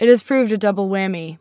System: none